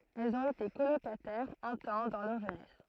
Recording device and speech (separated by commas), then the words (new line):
throat microphone, read sentence
Elles ont été colocataires, un temps, dans leur jeunesse.